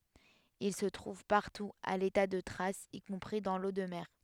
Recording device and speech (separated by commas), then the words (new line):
headset microphone, read sentence
Il se trouve partout à l'état de traces, y compris dans l'eau de mer.